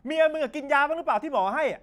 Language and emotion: Thai, angry